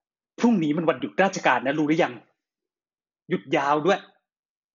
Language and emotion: Thai, angry